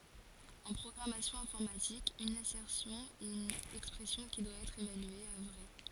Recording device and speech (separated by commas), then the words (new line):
forehead accelerometer, read sentence
En programmation informatique, une assertion est une expression qui doit être évaluée à vrai.